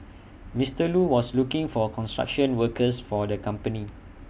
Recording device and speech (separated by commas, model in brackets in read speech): boundary microphone (BM630), read sentence